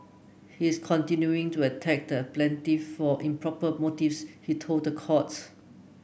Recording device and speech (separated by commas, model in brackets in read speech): boundary microphone (BM630), read sentence